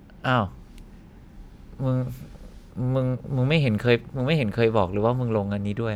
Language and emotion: Thai, frustrated